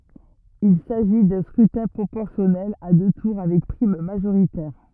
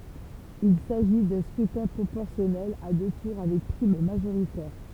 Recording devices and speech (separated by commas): rigid in-ear microphone, temple vibration pickup, read sentence